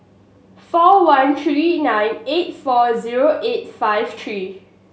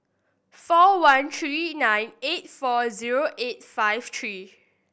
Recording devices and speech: mobile phone (Samsung S8), boundary microphone (BM630), read sentence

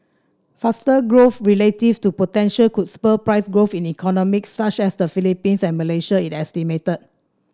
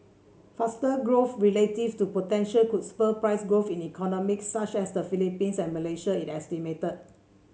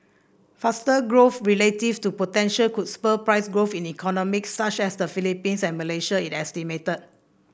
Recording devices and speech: standing microphone (AKG C214), mobile phone (Samsung C7), boundary microphone (BM630), read sentence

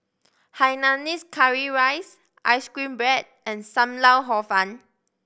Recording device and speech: boundary microphone (BM630), read sentence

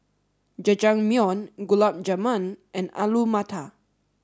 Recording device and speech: standing microphone (AKG C214), read sentence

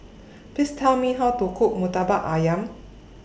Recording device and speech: boundary microphone (BM630), read sentence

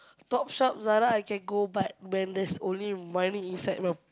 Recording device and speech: close-talking microphone, conversation in the same room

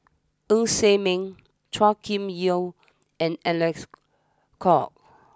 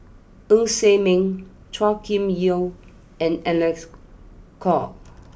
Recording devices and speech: standing microphone (AKG C214), boundary microphone (BM630), read sentence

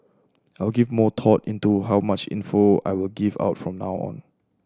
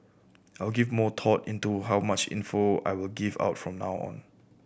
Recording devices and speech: standing microphone (AKG C214), boundary microphone (BM630), read sentence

